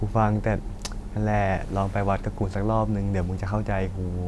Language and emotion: Thai, frustrated